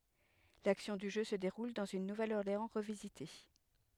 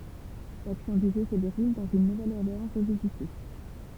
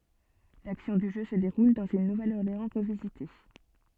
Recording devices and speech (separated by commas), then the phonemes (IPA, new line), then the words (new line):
headset microphone, temple vibration pickup, soft in-ear microphone, read sentence
laksjɔ̃ dy ʒø sə deʁul dɑ̃z yn nuvɛləɔʁleɑ̃ ʁəvizite
L'action du jeu se déroule dans une Nouvelle-Orléans revisitée.